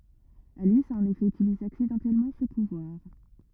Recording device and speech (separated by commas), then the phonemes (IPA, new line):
rigid in-ear microphone, read sentence
alis a ɑ̃n efɛ ytilize aksidɑ̃tɛlmɑ̃ sə puvwaʁ